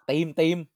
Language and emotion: Thai, happy